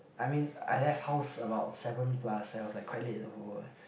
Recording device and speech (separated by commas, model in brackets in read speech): boundary microphone, conversation in the same room